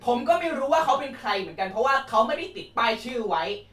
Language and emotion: Thai, angry